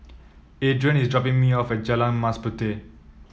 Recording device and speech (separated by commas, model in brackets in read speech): mobile phone (iPhone 7), read sentence